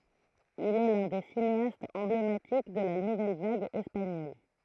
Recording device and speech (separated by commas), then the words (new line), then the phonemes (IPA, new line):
throat microphone, read sentence
Il est l'un des cinéastes emblématiques de la nouvelle vague espagnole.
il ɛ lœ̃ de sineastz ɑ̃blematik də la nuvɛl vaɡ ɛspaɲɔl